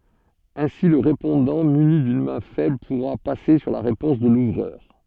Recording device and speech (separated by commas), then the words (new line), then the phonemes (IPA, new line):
soft in-ear microphone, read sentence
Ainsi le répondant muni d'une main faible pourra passer sur la réponse de l'ouvreur.
ɛ̃si lə ʁepɔ̃dɑ̃ myni dyn mɛ̃ fɛbl puʁa pase syʁ la ʁepɔ̃s də luvʁœʁ